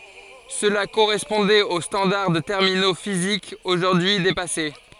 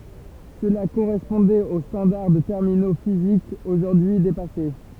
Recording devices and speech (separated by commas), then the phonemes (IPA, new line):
forehead accelerometer, temple vibration pickup, read sentence
səla koʁɛspɔ̃dɛt o stɑ̃daʁ də tɛʁmino fizikz oʒuʁdyi depase